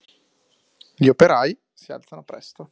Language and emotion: Italian, neutral